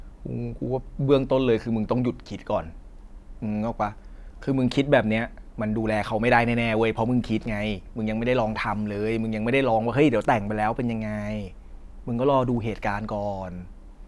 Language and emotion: Thai, neutral